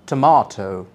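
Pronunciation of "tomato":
'Tomato' is said in the British pattern, with an explosive sound for the letter t.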